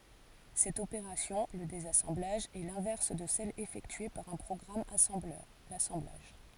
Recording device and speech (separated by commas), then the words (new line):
forehead accelerometer, read sentence
Cette opération, le désassemblage, est l'inverse de celle effectuée par un programme assembleur, l'assemblage.